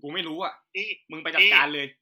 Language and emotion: Thai, angry